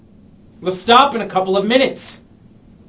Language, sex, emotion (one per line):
English
male
angry